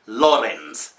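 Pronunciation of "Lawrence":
'Lawrence' is pronounced correctly here.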